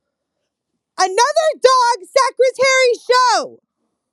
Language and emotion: English, angry